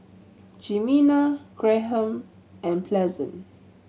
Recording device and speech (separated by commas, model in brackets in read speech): mobile phone (Samsung C7100), read sentence